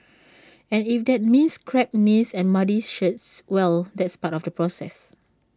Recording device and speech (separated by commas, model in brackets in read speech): standing microphone (AKG C214), read sentence